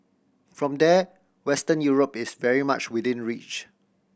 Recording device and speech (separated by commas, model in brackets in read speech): boundary microphone (BM630), read sentence